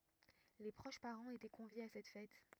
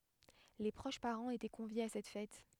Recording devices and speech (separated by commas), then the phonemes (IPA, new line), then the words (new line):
rigid in-ear microphone, headset microphone, read sentence
le pʁoʃ paʁɑ̃z etɛ kɔ̃vjez a sɛt fɛt
Les proches parents étaient conviés à cette fête.